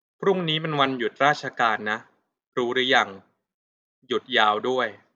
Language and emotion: Thai, neutral